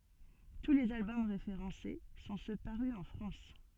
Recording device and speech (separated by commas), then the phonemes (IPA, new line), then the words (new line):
soft in-ear microphone, read sentence
tu lez albɔm ʁefeʁɑ̃se sɔ̃ sø paʁy ɑ̃ fʁɑ̃s
Tous les albums référencés sont ceux parus en France.